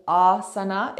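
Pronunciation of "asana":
In 'asana', the stress is on the first syllable.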